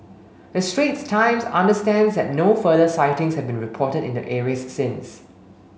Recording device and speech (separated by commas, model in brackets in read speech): mobile phone (Samsung S8), read sentence